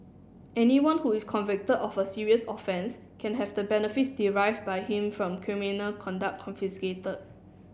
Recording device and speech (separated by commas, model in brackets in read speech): boundary microphone (BM630), read sentence